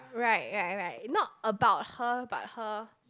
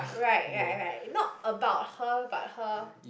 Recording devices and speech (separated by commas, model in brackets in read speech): close-talking microphone, boundary microphone, conversation in the same room